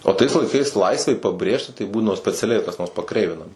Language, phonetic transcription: Lithuanian, o tais laiˈkais ˈlaisvei paˈbrėžti tai ˈbūdavo speciaˈliai kas nors paˈkreivinama

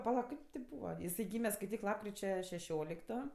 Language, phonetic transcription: Lithuanian, paˈla ˈkip ti ˈbūva paˈla jiˈsai ˈgyme skaiˈtyk ˈlapkričia šeˈšiolikto

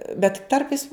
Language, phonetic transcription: Lithuanian, bet ˈtarpais

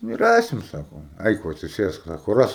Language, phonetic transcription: Lithuanian, ˈnu ˈrasim ˈsako ˈaik ˈva atsiˈsėsk ˈsako ˈras

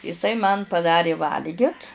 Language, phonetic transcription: Lithuanian, iˈsai man paˈdarė ˈvalgit

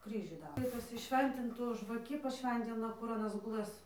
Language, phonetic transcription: Lithuanian, ˈkryžių ˈdaro ˈtas pasiˈšventintu žvaˈki paˈšventina kur aˈnas guˈlɘs

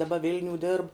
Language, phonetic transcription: Lithuanian, daˈba ˈvilniū dirb

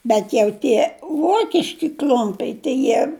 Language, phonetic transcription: Lithuanian, bet jau ˈtie ˈvokiški ˈkl'umpiai tai ˈjie

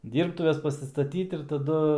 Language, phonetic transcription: Lithuanian, ˈdyrbtuves pasistaˈtyt ir taˈdu

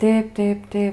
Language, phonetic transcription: Lithuanian, ˈtėp ˈtėp ˈtėp

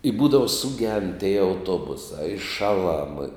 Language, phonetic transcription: Lithuanian, i ˈbūdava suˈgend tie auˈtobusā i ˈšaˌlam

